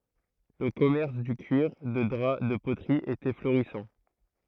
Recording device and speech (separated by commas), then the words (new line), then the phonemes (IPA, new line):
throat microphone, read sentence
Le commerce du cuir, de drap, de poterie était florissant.
lə kɔmɛʁs dy kyiʁ də dʁa də potʁi etɛ floʁisɑ̃